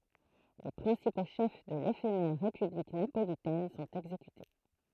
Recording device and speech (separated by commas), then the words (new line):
throat microphone, read sentence
Les principaux chefs de l'éphémère république napolitaine sont exécutés.